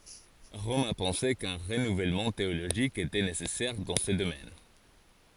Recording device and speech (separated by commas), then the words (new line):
forehead accelerometer, read sentence
Rome a pensé qu'un renouvellement théologique était nécessaire dans ce domaine.